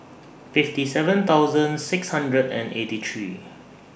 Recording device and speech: boundary microphone (BM630), read sentence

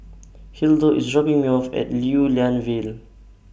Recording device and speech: boundary microphone (BM630), read sentence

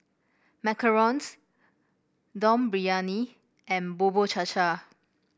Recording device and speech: boundary microphone (BM630), read sentence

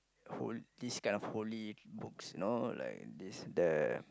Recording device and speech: close-talking microphone, conversation in the same room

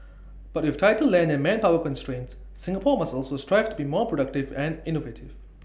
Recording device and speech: boundary microphone (BM630), read sentence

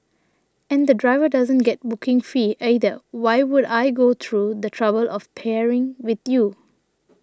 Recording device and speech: standing microphone (AKG C214), read sentence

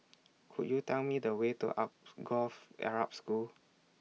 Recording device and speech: mobile phone (iPhone 6), read sentence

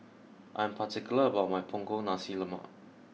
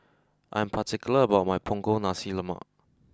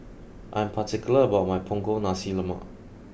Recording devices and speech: mobile phone (iPhone 6), close-talking microphone (WH20), boundary microphone (BM630), read sentence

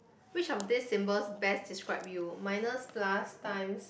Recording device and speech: boundary microphone, conversation in the same room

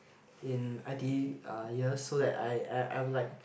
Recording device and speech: boundary microphone, conversation in the same room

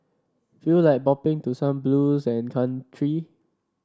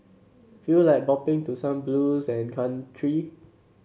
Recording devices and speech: standing microphone (AKG C214), mobile phone (Samsung C7), read sentence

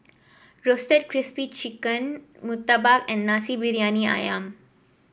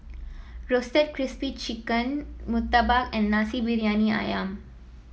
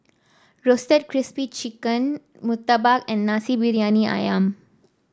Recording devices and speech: boundary microphone (BM630), mobile phone (iPhone 7), standing microphone (AKG C214), read sentence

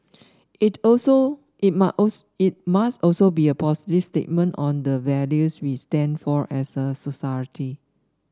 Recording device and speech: standing microphone (AKG C214), read sentence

